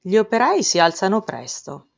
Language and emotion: Italian, surprised